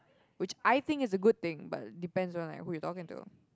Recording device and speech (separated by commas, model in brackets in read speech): close-talking microphone, conversation in the same room